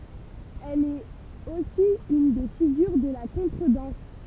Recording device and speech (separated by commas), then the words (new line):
temple vibration pickup, read sentence
Elle est aussi une des figures de la contredanse.